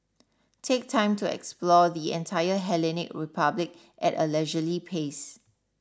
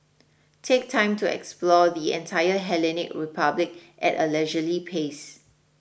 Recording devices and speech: standing microphone (AKG C214), boundary microphone (BM630), read sentence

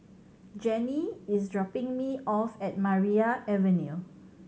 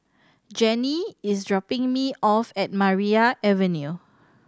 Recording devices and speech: mobile phone (Samsung C7100), standing microphone (AKG C214), read sentence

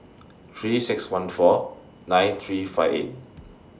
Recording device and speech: standing microphone (AKG C214), read sentence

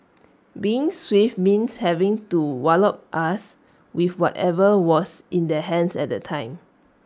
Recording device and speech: standing microphone (AKG C214), read sentence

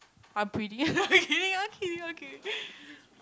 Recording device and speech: close-talking microphone, conversation in the same room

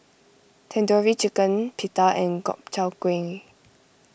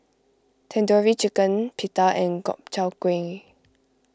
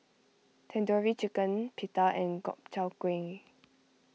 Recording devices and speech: boundary microphone (BM630), close-talking microphone (WH20), mobile phone (iPhone 6), read sentence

